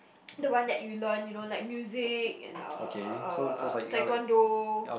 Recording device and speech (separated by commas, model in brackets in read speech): boundary microphone, conversation in the same room